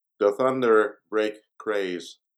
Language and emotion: English, neutral